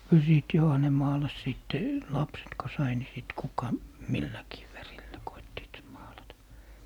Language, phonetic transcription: Finnish, (kyl siit) 'joha ne maalas 'sìtte , "lapset ko 'sai ni sit 'kuka , "milläkii 'värillä 'koittiit 'maalata .
- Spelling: kyllä siitä johan ne maalasi sitten lapset kun sai niin sitten kuka milläkin värillä koettivat maalata

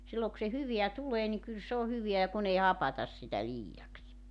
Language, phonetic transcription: Finnish, 'silloo k[u] se 'hyveä 'tulee niŋ kyl s ‿oo 'hyveä ja 'kun ‿ei "hapatas sitä 'liijaks .
- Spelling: silloin kun se hyvää tulee niin kyllä se on hyvää ja kun ei hapata sitä liiaksi

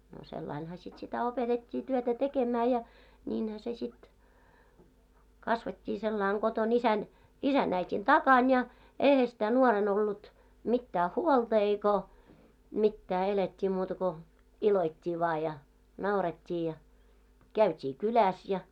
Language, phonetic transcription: Finnish, no 'sellainha sit sitä 'opetet́t́ii 'työtä "tekemää ja , 'ńiinhä se sit , 'kasvet́t́ii 'sellàiŋ ɢoton ‿isän , 'isä'n ‿äit́in 'takan ja , "eihä sⁱtä 'nuoren ‿ollut , mittää "huolta eiko , 'mittää elet́t́ii muuta ko , "iloit́t́ii vaa ja , 'nauret́t́ii ja , 'käyt́ii "kyläs ja .
- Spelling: no sillä laillahan sitten sitä opetettiin työtä tekemään ja niinhän se sitten kasvettiin sillä lailla kotona isän isän äidin takana ja eihän sitä nuorena ollut mitään huolta eikä mitään elettiin muuta kuin iloittiin vain ja naurettiin ja käytiin kylässä ja

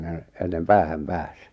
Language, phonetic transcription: Finnish, nè- , ennem "päähäm "pääs .
- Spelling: - ennen päähän pääsi

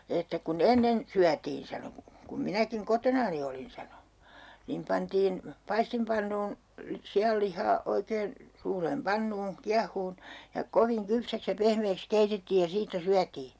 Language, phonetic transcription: Finnish, että » ku"n ‿ennen , 'syätiin » sano , » kum 'minäkiŋ 'kotonani olin » sano , » niim 'pantiin , 'paistimpannuun , 'si₍allih̆haa 'oikeen , suureem "pannuun̬ , 'kiahuun , ja "koviŋ 'kypsäks ja 'pehmeeks 'keitettiij ja 'siittä 'syätii .
- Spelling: että kun ennen syötiin sanoi kun minäkin kotonani olin sanoi niin pantiin paistinpannuun sianlihaa oikein suureen pannuun kiehumaan ja kovin kypsäksi ja pehmeäksi keitettiin ja siitä syötiin

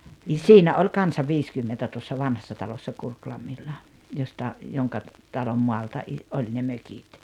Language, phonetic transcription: Finnish, ni "siinä oĺ 'kansa "viiskymmentä tuossa 'Vanhassa Talossa 'Kurklammilla , josta , 'joŋka , 'talom 'mɔalta ’i- , 'oĺ ne 'mökit .
- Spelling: niin siinä oli kanssa viisikymmentä tuossa vanhassa talossa Kurkilammilla josta jonka talon maalta - oli ne mökit

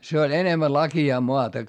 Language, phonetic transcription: Finnish, se oĺ enemmä laki₍aa moata .
- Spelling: se oli enemmän laakeaa maata

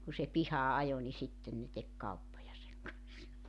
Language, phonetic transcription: Finnish, ku se 'pihaa 'ajo ni 'sitten ne tek 'kauppoja seŋ kanssa .
- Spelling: kun se pihaan ajoi niin sitten ne teki kauppoja sen kanssa

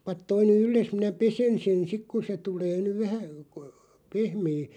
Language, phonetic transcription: Finnish, » 'pat toi ny "ylles minä "pesen sen 'sik ku se 'tulee nyv 'vähä , k(o)- , 'pehmee « ,.
- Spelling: pane tuo nyt yllesi minä pesen sen sitten kun se tulee nyt vähän - pehmeä

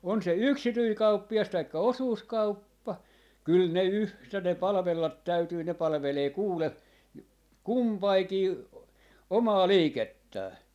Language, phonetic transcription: Finnish, on se "yksityi "kauppi₍as 'taikka "osuuskauppa , 'kyl 'ne "yhtä ne "palᵃvellat 'täytyy ne 'palᵃvelee 'kuule , "kumpaikii , 'omaa "liikettää .
- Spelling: on se yksityinen kauppias tai osuuskauppa kyllä ne yhtä ne palvella täytyy ne palvelee kuule kumpikin omaa liikettään

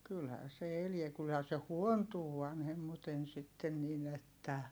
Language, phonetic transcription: Finnish, kylhää se eliɛ - kylhää se huontuu vanhemmuten sitten nin ‿että .
- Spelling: kyllähän se elää kyllähän se huontuu vanhemmiten sitten niin että

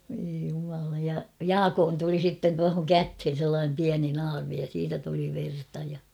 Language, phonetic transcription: Finnish, voi jumala ja "Jaakoon tuli 'sitten tuahoŋ "käthen sellaanem 'piäni 'naarmi ja siitä tuli 'verta ja .
- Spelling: voi jumala ja Jaakon tuli sitten tuohon käteen sellainen pieni naarmu ja siitä tuli verta ja

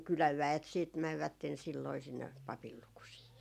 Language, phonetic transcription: Finnish, 'kyläv "väet siit 'mävvätten silloi sinne , "papil 'lukusii .
- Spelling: kylän väet sitten menivät silloin sinne papin lukusiin

